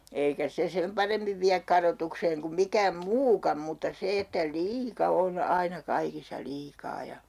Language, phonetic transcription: Finnish, eikä 'se 'sem paremmiv viäk 'karotukseeŋ kum 'mikääm "muukam mutta 'se että , "liika 'on 'aina 'kaikissa 'liikaa ja , .
- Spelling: eikä se sen paremmin vie kadotukseen kuin mikään muukaan mutta se että liika on aina kaikissa liikaa ja

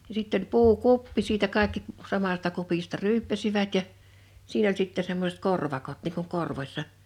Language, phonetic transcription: Finnish, ja sitt ‿oĺ 'puu'kuppi siitä 'kàe̬kki , 'samasta 'kupista "ryyppäsivät ja , 'siin ‿oĺ sitte semmosᵉt "korvakot niŋ kuŋ "korvośsa .
- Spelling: ja sitten oli puukuppi siitä kaikki samasta kupista ryyppäsivät ja siinä oli sitten semmoiset korvakot niin kuin korvossa

